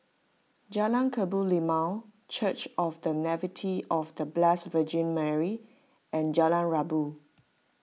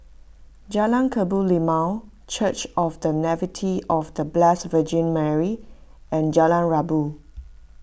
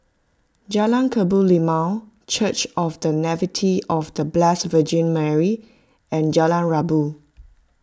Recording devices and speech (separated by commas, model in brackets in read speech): mobile phone (iPhone 6), boundary microphone (BM630), close-talking microphone (WH20), read sentence